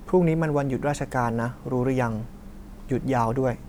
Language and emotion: Thai, neutral